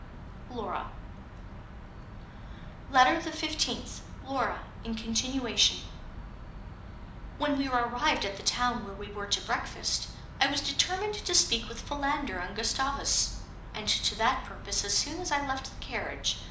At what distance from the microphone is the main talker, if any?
2.0 m.